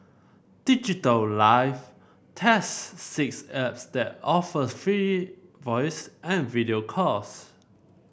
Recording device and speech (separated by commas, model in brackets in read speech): boundary microphone (BM630), read sentence